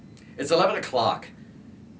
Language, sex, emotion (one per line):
English
male
angry